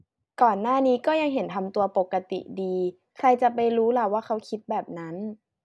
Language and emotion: Thai, neutral